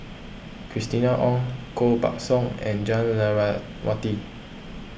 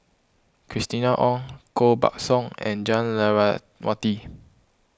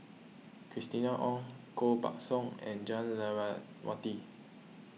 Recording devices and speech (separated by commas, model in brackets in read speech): boundary microphone (BM630), close-talking microphone (WH20), mobile phone (iPhone 6), read sentence